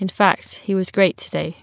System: none